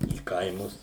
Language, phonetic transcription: Lithuanian, į ˈkaimus

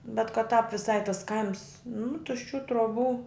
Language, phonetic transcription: Lithuanian, bet kad tāp viˈsai tas ˈkaims nu tušˈčių truoˈbų

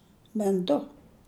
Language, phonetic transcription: Lithuanian, ben ˈdu

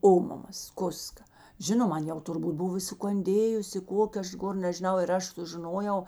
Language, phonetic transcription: Lithuanian, ˈomamas ˈkuska ˈžinom ˈan jau turˈbūt ˈbuv i sukanˈdėjusi ˈkokė ˈaš ˈgor nežiˈnau ir ˈaš sužiˈnojau

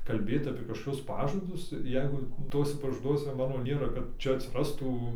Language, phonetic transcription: Lithuanian, kalˈbėt apie kažkoˈkius ˈpažadus ˈjeigu ˈtuose pažaˈduose ˈmano ˈnėra kad ˈčia atsiˈrastų

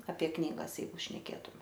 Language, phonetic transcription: Lithuanian, apie ˈknygas ˈjeigu šneˈkėtume

